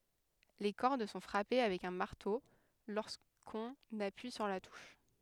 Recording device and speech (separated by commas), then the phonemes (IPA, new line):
headset microphone, read sentence
le kɔʁd sɔ̃ fʁape avɛk œ̃ maʁto loʁskɔ̃n apyi syʁ la tuʃ